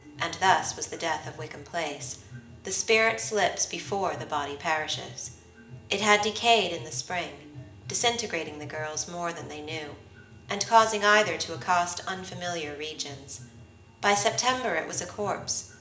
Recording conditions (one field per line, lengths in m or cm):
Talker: one person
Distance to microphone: 1.8 m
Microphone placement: close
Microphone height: 1.0 m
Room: large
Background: music